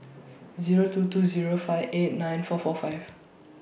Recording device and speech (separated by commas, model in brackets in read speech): boundary microphone (BM630), read sentence